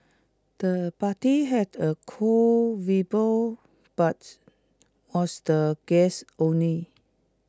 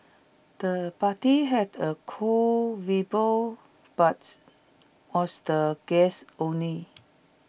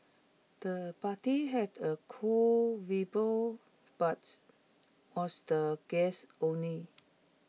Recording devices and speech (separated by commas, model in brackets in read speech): close-talking microphone (WH20), boundary microphone (BM630), mobile phone (iPhone 6), read sentence